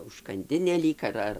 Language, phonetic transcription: Lithuanian, užkanˈdinė ˈlyg ar ˈar

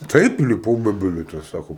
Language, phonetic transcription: Lithuanian, ˈtaip iliˈpau ˈbe ˈbilieto ˈsako

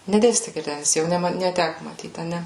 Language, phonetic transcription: Lithuanian, neˈdėsti girˈdenis jau ˈne ma neˈtæku maˈtyt aˈne

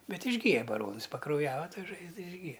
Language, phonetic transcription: Lithuanian, ˈbet išˈgyja baˈronɨs pakrauˈjava ˈta ˈžaizda išˈgyja

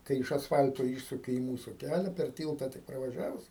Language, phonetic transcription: Lithuanian, ˈkai iš asˈfal'to ˈyšsuki i ˈmūsu ˈkælia per ˈtylta tik pravaˈžiavus

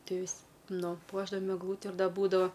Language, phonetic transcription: Lithuanian, ˈtie ˈvis' ˈnu ˈpuošdavam egˈlūti ir ˈda ˈbūdava

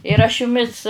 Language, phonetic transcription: Lithuanian, ir aš juˈmis

